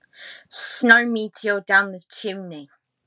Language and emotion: English, disgusted